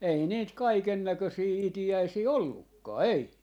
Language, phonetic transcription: Finnish, 'ei niit "kaikennäkösii "iti₍äisii "ollukkaa , "ei .
- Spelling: ei niitä kaikennäköisiä itiäisiä ollutkaan ei

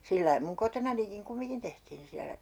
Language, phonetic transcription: Finnish, 'sillai muŋ "kotonanikiŋ 'kumiŋkin tehtiin siälä .
- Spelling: sillä lailla minun kotonanikin kumminkin tehtiin siellä

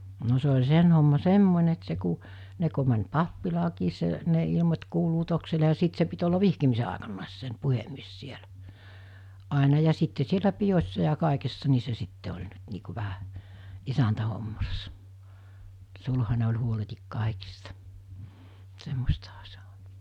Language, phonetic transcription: Finnish, no se ol̜ 'sen homma "semmońe et se ku , 'ne ko män̜ "pappilaakiis se , ne ilᵉmot̜ 'kuuluutoksile ja 'sìt se pit ollav 'vihkimise àekannàes sen̳ 'puhemmies 'sielä , àena ja 'sitte sielä 'pijos̜sa ja 'kàekessa ni se sitte oĺ nyt nii ku vähä , 'isäntähommassa , 'sulhane oĺ huoletik 'kàikista , 'semmostaha sᴇ (ᴏɴ) .
- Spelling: no se oli sen homma semmoinen että se kun ne kun meni pappilaankin se ne ilmoitti kuulutuksille ja sitten se piti olla vihkimisen aikanakin sen puhemies siellä aina ja sitten siellä pidoissa ja kaikessa niin se sitten oli nyt niin kuin vähän isäntähommassa sulhanen oli huoletta kaikista semmoistahan se on

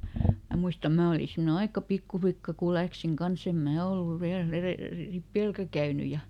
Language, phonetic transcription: Finnish, ˈmä muista ˈmää oli simne "aika ˈpikkuflikka ku ˈläksiŋ "kanˈs ‿em "mää olluv ˈviäl ‿erèl- , "ripèlkä ˈkäyny ja, ,.
- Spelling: minä muista minä olin semmoinen aika pikkulikka kun lähdin kanssa en minä ollut vielä - ripilläkään käynyt ja

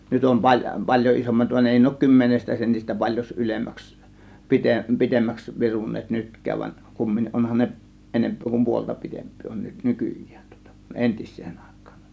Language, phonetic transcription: Finnish, 'nyt om 'pal- , "pal̀jo 'ˀisommat van 'èi ne òŭk 'kymmenestä sentis̆tä paĺjos 'ylemmäks pi- , "pitemmäks virun̆neet "nytk̀ääv van , kummin(ni) 'onhan ne , 'enemp̀(öö) kum 'puolta 'pi̬temp̆pii on 'nyt , "nykyj̆jÄÄN tŬŎtA (kUˀ) "ˀentIs̆sEEN Àe̬k̆kAAN .
- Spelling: nyt on - paljon isommat vaan ei ne ole kymmenestä sentistä paljon ylemmäksi - pitemmäksi viruneet nytkään vaan kumminkin onhan ne enempää kuin puolta pitempiä on nyt nykyään tuota kuin entiseen aikaan

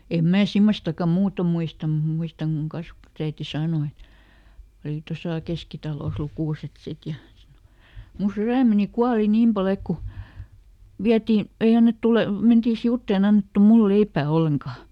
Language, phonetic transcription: Finnish, em ˈmää "simmostakka ˈmuuto muistam mut ˈmuistaŋ kuŋ ˈkasvᵃtusäiti ˈsaano , et , - oli ˈtosà "Keskitalòs ˈlukùset ˈsit ja - , » mu ˈsyrä̀meni "kuali ˈniim paˈl ‿ek ku , ˈviäti , ˈei annettu ˈle- , ˈmentii "siuttèn ‿e annettu ˈmul ˈleippä̀ "olleŋkaa .
- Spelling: en minä semmoistakaan muuten muista mutta muistan kun kasvatusäiti sanoi että oli tuossa Keskitalossa lukuset sitten ja - minun sydämeni kuoli niin paljon että kun vietiin ei annettu - mentiin sivuitse ei annettu minulle leipää ollenkaan

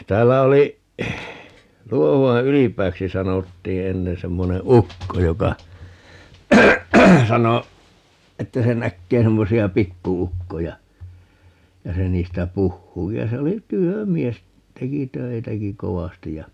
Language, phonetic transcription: Finnish, 'täällä oli , 'Luohu₍a "Ylip̀ääksi 'sanottii 'ennen - 'semmone "ukko joka , 'sano , 'että se 'näkkee 'semmosi₍a "pikku₍"ukkoja , ja se 'niistä "puhhuu - (vielä) 'se oli "työ'mies , 'teki "töitäki "kovastij ja ,.
- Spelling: täällä oli Luohuan Ylipääksi sanottiin ennen semmoinen ukko joka sanoi että se näkee semmoisia pikku-ukkoja ja se niistä puhuu - se oli työmies teki töitäkin kovasti ja

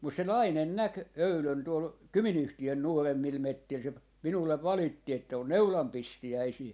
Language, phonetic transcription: Finnish, mus se "nainen 'näk , 'öylön tuol , "Kymi'n ‿yhti₍ön 'nuoremmil 'mettil se , 'minullev "valitti että » on "neulam 'pistijäisii » .
- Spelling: mutta se nainen näki eilen tuolla Kymin yhtiön nuoremmilla metsillä se minulle valitti että on neulan pistiäisiä

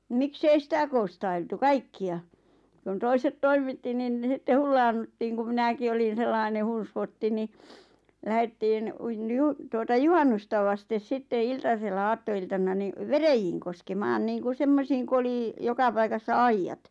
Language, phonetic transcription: Finnish, 'miksei "sitä koo̰stailtu "kaikki₍a , ᵏᵘⁿ 'toiset "toim̆mitti nin 'sitte "hullaannuttiiŋ ku 'minäki olin̬ 'sellaine "hun̬svotti ni , 'lähettiin , uin- niju- , tuota "juhannusta vastes 'sitte "iltasella 'aatto₍iltan̆na ni , "verejiiŋ koskemaan niiŋku "semmosiiŋ ku oli , 'jokapaikassa "aijjat .
- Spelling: miksi ei sitä konstailtu kaikkia kun toiset toimitti niin sitten hullaannuttiin kun minäkin olin sellainen hunsvotti niin lähdettiin - - tuota juhannusta vasten sitten iltasella aattoiltana niin veräjiin koskemaan niin kun semmoisiin kun oli joka paikassa aidat

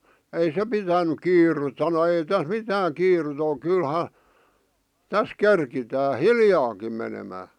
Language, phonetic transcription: Finnish, ei 'se pitänyk 'kiirut sano » 'ei täs "mitääŋ 'kiirut ‿oˡ 'kylha , 'täs "kerkitää "hiljaakim menemää « .
- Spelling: ei se pitänyt kiirettä sanoi ei tässä mitään kiirettä ole kyllähän tässä keritään hiljaakin menemään

